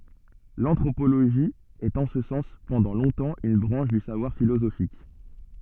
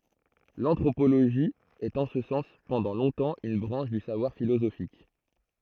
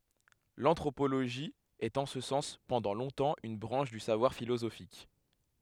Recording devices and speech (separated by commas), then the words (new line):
soft in-ear microphone, throat microphone, headset microphone, read sentence
L'anthropologie est en ce sens pendant longtemps une branche du savoir philosophique.